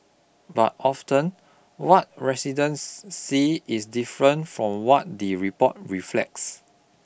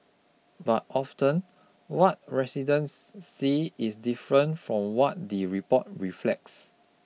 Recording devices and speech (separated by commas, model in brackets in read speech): boundary microphone (BM630), mobile phone (iPhone 6), read sentence